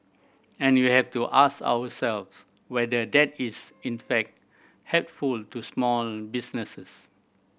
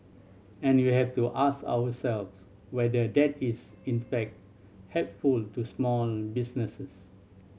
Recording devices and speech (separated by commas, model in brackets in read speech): boundary microphone (BM630), mobile phone (Samsung C7100), read sentence